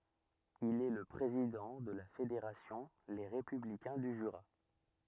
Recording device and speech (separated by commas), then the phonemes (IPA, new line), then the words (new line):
rigid in-ear microphone, read sentence
il ɛ lə pʁezidɑ̃ də la fedeʁasjɔ̃ le ʁepyblikɛ̃ dy ʒyʁa
Il est le président de la fédération Les Républicains du Jura.